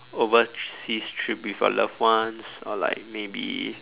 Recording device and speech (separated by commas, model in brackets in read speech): telephone, conversation in separate rooms